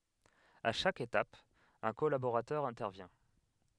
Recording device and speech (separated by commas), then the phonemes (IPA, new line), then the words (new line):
headset microphone, read sentence
a ʃak etap œ̃ kɔlaboʁatœʁ ɛ̃tɛʁvjɛ̃
À chaque étape, un collaborateur intervient.